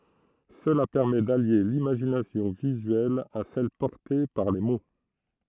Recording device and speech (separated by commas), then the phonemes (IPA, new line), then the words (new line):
throat microphone, read sentence
səla pɛʁmɛ dalje limaʒinasjɔ̃ vizyɛl a sɛl pɔʁte paʁ le mo
Cela permet d'allier l'imagination visuelle à celle portée par les mots.